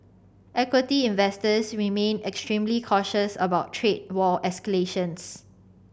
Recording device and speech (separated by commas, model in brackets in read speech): boundary microphone (BM630), read sentence